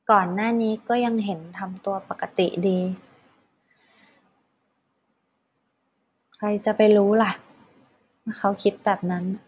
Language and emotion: Thai, frustrated